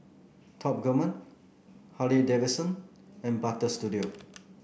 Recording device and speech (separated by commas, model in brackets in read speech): boundary microphone (BM630), read sentence